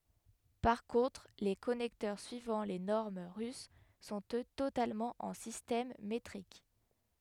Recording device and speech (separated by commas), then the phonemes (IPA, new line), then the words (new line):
headset microphone, read sentence
paʁ kɔ̃tʁ le kɔnɛktœʁ syivɑ̃ le nɔʁm ʁys sɔ̃t ø totalmɑ̃ ɑ̃ sistɛm metʁik
Par contre les connecteurs suivant les normes russes sont eux totalement en système métrique.